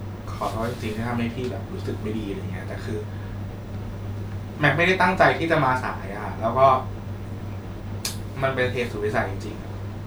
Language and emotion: Thai, sad